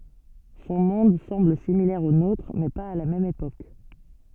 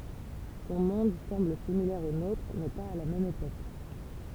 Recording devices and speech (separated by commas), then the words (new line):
soft in-ear microphone, temple vibration pickup, read sentence
Son monde semble similaire au nôtre, mais pas à la même époque.